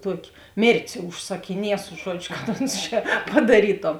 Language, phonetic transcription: Lithuanian, ˈtuoki ˈmėrtės užsakiˈniesu ˈžuodžiu ˈkad ˈons čia padaˈrytom

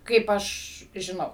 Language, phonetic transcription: Lithuanian, ˈkaip ˈaš žiˈnau

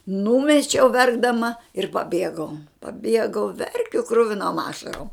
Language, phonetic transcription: Lithuanian, ˈnūmečiau ˈverkdama ir paˈbiegau paˈbiegau ˈverkiu ˈkruvinom ˈašarom

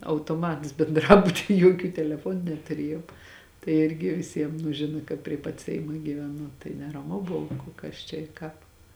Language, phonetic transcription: Lithuanian, autoˈmats benˈdrabuty ˈjuokių teleˈfuonu netuˈriejom tai ˈirgi viˈsiem nu ˈžina kad prie pat ˈseima gyveˈnu tai neraˈmu ˈbuvu ku ˈkas čia i ˈkāp

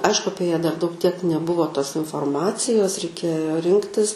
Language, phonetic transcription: Lithuanian, ˈaišku ˈapie ją dar daug tiek neˈbuvo tos inforˈmacijos reiˈkėjo ˈrinktis

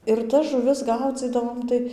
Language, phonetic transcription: Lithuanian, ir tas žuˈvis ˈgaudzydavom ˈtai

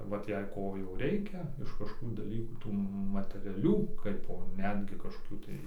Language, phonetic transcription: Lithuanian, ˈvat jei ˈko jau ˈreikia iš kažkoˈkų daˈlykų ˈtų mateˈrialių ˈkaipo ˈnetgi kažkoˈkių tai

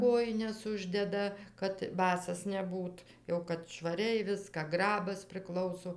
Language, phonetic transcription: Lithuanian, ˈkojines ˈuždeda kad ˈbasas neˈbūt jau kad švaˈriai ˈviską ˈgrabas priˈklauso

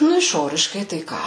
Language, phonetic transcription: Lithuanian, ˈnu išˈoriškai ˈtai ką

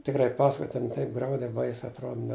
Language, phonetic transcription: Lithuanian, tikˈrai ˈpasakoj ten ˈtaip ˈgraudei ˈbaisiai atˈrod ne

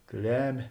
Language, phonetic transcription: Lithuanian, ˈklemė

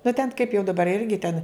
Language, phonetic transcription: Lithuanian, nu ten kaip jau daˈbar ˈirgi ten

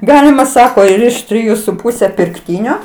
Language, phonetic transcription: Lithuanian, ˈgalima ˈsako ir iš triˈjų su ˈpūse pirkˈtynio

